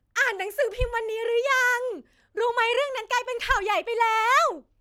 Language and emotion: Thai, happy